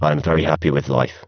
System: VC, spectral filtering